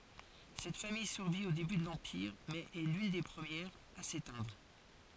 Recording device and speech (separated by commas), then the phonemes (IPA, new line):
forehead accelerometer, read sentence
sɛt famij syʁvi o deby də lɑ̃piʁ mɛz ɛ lyn de pʁəmjɛʁz a setɛ̃dʁ